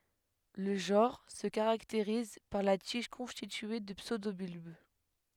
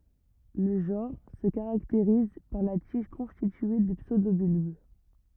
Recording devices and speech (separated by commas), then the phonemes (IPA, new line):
headset microphone, rigid in-ear microphone, read sentence
lə ʒɑ̃ʁ sə kaʁakteʁiz paʁ la tiʒ kɔ̃stitye də psødobylb